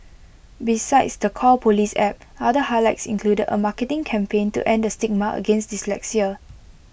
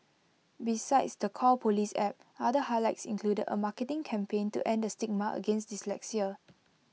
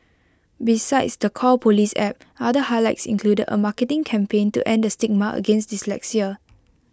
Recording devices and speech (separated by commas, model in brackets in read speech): boundary microphone (BM630), mobile phone (iPhone 6), close-talking microphone (WH20), read sentence